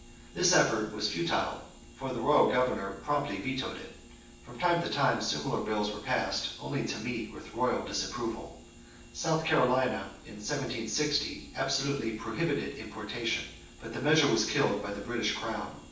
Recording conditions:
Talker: one person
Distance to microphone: 9.8 m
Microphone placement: far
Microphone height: 1.8 m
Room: large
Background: none

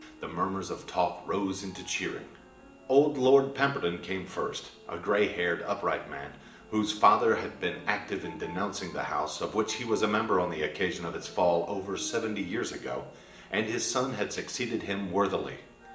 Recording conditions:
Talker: one person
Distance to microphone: 1.8 m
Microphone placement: close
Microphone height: 1.0 m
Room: large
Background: music

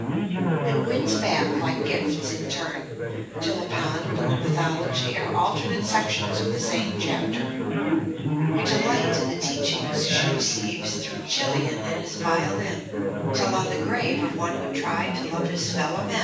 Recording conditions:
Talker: one person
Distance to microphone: 9.8 m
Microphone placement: far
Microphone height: 1.8 m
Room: large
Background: babble

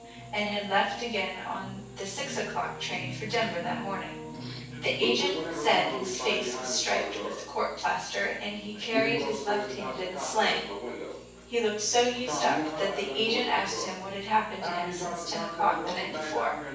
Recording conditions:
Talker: one person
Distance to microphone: 9.8 m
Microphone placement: far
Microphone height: 1.8 m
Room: large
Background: television

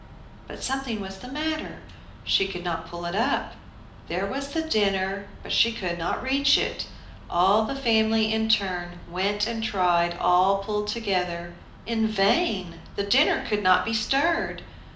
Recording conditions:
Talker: one person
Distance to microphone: 2.0 m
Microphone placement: close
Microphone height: 99 cm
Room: medium-sized (5.7 m by 4.0 m)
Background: none

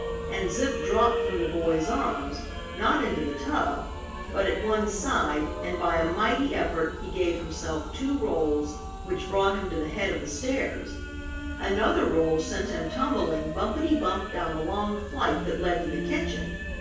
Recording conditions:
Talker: one person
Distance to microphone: 9.8 m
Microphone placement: far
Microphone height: 1.8 m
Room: large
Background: music

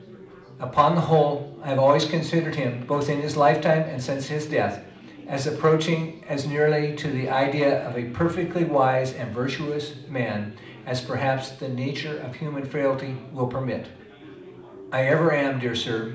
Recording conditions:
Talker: one person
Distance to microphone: 2.0 m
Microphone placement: close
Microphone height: 99 cm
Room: medium-sized (5.7 m by 4.0 m)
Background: babble

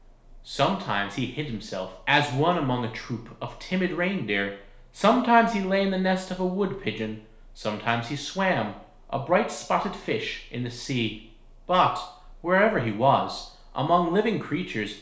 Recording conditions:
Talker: one person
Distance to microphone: 1.0 m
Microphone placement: close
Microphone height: 1.1 m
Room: small (3.7 m by 2.7 m)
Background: none

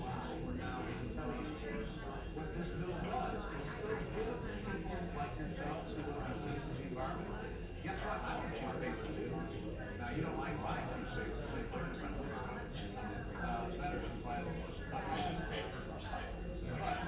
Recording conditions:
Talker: no one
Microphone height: 1.0 m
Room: large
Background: babble

